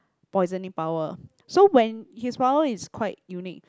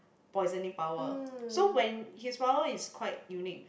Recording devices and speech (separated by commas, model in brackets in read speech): close-talking microphone, boundary microphone, conversation in the same room